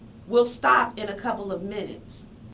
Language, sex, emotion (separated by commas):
English, female, neutral